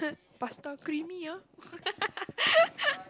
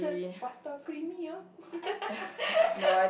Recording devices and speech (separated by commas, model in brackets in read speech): close-talking microphone, boundary microphone, conversation in the same room